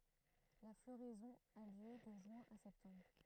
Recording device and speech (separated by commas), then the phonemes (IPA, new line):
throat microphone, read sentence
la floʁɛzɔ̃ a ljø də ʒyɛ̃ a sɛptɑ̃bʁ